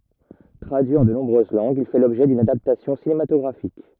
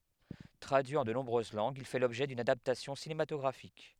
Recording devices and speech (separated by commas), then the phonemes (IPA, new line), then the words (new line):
rigid in-ear microphone, headset microphone, read sentence
tʁadyi ɑ̃ də nɔ̃bʁøz lɑ̃ɡz il fɛ lɔbʒɛ dyn adaptasjɔ̃ sinematɔɡʁafik
Traduit en de nombreuses langues, il fait l'objet d'une adaptation cinématographique.